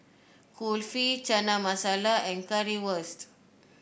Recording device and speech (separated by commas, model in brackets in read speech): boundary microphone (BM630), read sentence